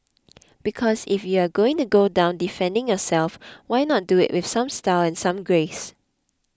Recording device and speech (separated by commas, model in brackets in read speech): close-talking microphone (WH20), read sentence